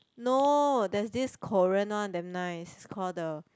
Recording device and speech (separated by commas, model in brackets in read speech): close-talking microphone, conversation in the same room